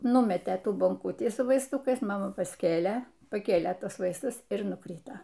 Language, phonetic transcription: Lithuanian, ˈnumetė ˈtų bonˈkutį su vaisˈtukais maˈma pasˈkėlė paˈkėlė ˈtuos ˈvaistus ir nuˈkryto

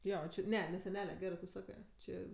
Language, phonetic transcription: Lithuanian, ˈjo ˈči ˈne ne seˈnele ˈgerɜ tu ˈsakɜ ˈčė

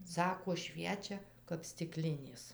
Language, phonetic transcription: Lithuanian, ˈsako ˈšviečia kap stiˈklinės

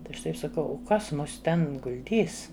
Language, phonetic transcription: Lithuanian, tai ˈaš ˈtaip saˈkau u ˈkas ˈmus ˈten gul'ˈdys

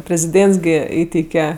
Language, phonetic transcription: Lithuanian, preziˈdėnts ˈgi ˈįteike

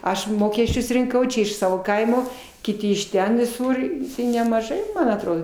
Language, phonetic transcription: Lithuanian, ˈaš ˈmokesčius rinˈkau ˈčia iš ˈsavo ˈkaimo kiˈti iš ˈten viˈsur i nemažai man atˈrodo

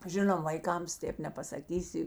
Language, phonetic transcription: Lithuanian, ˈžinom vaiˈkams ˈtėp nepasaˈkysi

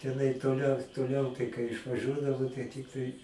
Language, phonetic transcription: Lithuanian, teˈnai toˈliau toˈliau tai kai išvaˈžiuodavo tai ˈtiktai

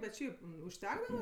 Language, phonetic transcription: Lithuanian, bet ˈšiaip užˈtekdava

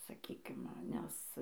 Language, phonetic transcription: Lithuanian, saˈkykim ˈnes

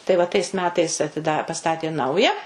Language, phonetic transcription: Lithuanian, tai va tais ˈmetais atiˈda paˈstatė ˈnauja

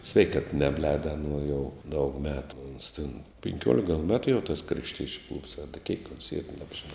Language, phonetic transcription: Lithuanian, ˈsveikat ˈnebˌlēda aˈnuo jau daug ˈmetu ons tin pinˈkiuolik gal ˈmetu jau tas krašˈtiečiu klubs a da kiek ons yr ˈnabžiˌnau

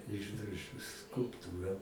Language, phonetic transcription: Lithuanian, ˈišdrožiu skulpˈtūra

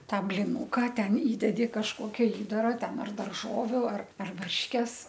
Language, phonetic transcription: Lithuanian, ˈtą bliˈnuka ˈten ˈįdedi kažˈkokia ˈįdara ˈten ar darˈžoviu ar ar ˈvarškes

